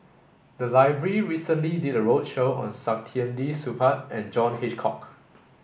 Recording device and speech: boundary microphone (BM630), read sentence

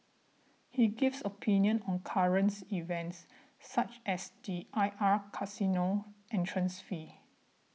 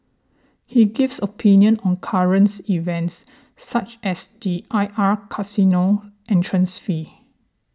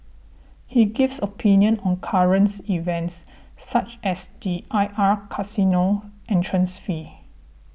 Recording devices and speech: mobile phone (iPhone 6), standing microphone (AKG C214), boundary microphone (BM630), read sentence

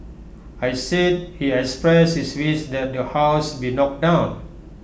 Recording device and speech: boundary microphone (BM630), read sentence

